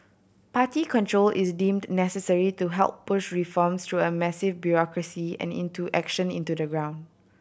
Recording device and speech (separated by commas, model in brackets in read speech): boundary microphone (BM630), read sentence